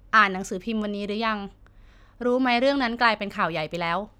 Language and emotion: Thai, frustrated